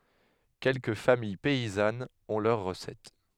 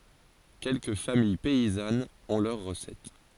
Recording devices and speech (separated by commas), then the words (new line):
headset microphone, forehead accelerometer, read sentence
Quelques familles paysannes ont leur recette.